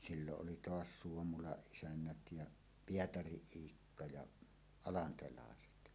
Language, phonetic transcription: Finnish, silloˀ ˀoli "toas 'Suomulaˀ 'ˀisännät ja , "Pietariˀ 'ˀIikka ja , 'alantelàeset .
- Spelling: silloin oli tuossa Suomulan isännät ja Pietarin Iikka ja alantelaiset

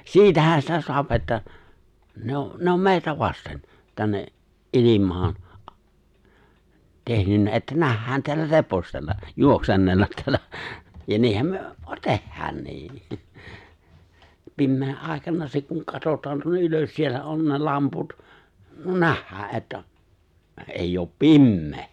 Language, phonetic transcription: Finnish, 'siitähä sitä 'so̭ap että , 'ne ‿o , 'ne ‿om 'mè̬i̬tä vasten , 'tänne’ , '’ilim̀aan , 'tehnynnä että 'nähhään teällä "repostella , 'juoksennellat teällä , ja 'niihäm 'myö , "tehhäännii , 'pimmee’ '’ài̬kana se kuŋ 'katotaan tuonne '’ylös 'siellä 'on ne 'lamput , "nähhää ’että , '’eijj ‿oop "pimmee !
- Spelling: siitähän sitä saa että ne on ne on meitä vasten tänne ilmaan tehnyt että nähdään täällä repostella juoksennella täällä ja niinhän me tehdäänkin pimeän aikana se kun katsotaan tuonne ylös siellä on ne lamput nähdään että ei ole pimeä

